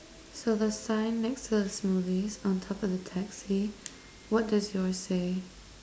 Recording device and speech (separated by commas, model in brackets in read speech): standing microphone, conversation in separate rooms